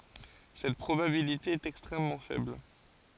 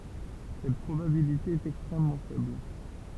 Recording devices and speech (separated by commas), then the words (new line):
forehead accelerometer, temple vibration pickup, read sentence
Cette probabilité est extrêmement faible.